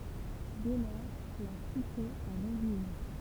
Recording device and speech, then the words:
temple vibration pickup, read sentence
Dès lors, la cité va revivre.

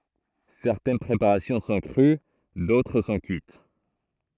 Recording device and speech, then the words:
throat microphone, read sentence
Certaines préparations sont crues, d'autres sont cuites.

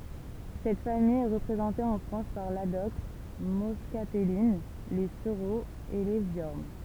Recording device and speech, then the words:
temple vibration pickup, read sentence
Cette famille est représentée en France par l'adoxe moscatelline, les sureaux et les viornes.

